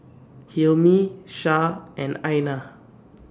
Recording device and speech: standing microphone (AKG C214), read sentence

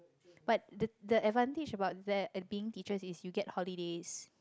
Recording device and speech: close-talking microphone, conversation in the same room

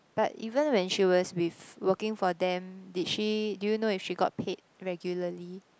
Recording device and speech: close-talking microphone, conversation in the same room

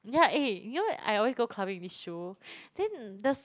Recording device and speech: close-talking microphone, conversation in the same room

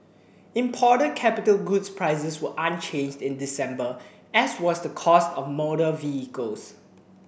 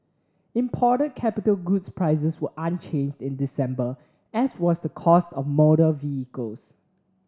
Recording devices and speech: boundary microphone (BM630), standing microphone (AKG C214), read sentence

